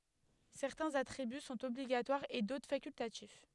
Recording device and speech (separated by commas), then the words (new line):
headset microphone, read sentence
Certains attributs sont obligatoires et d'autres facultatifs.